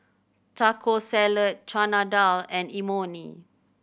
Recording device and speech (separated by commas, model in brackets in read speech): boundary microphone (BM630), read sentence